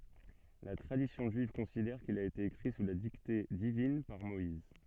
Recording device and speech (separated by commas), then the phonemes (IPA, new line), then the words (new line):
soft in-ear microphone, read sentence
la tʁadisjɔ̃ ʒyiv kɔ̃sidɛʁ kil a ete ekʁi su la dikte divin paʁ mɔiz
La tradition juive considère qu'il a été écrit sous la dictée divine par Moïse.